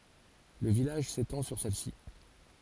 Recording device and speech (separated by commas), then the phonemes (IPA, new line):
forehead accelerometer, read sentence
lə vilaʒ setɑ̃ syʁ sɛlsi